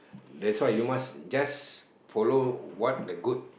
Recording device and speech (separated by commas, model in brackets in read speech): boundary microphone, conversation in the same room